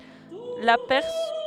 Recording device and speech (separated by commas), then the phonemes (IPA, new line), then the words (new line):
headset microphone, read sentence
la pɛʁ
La pers.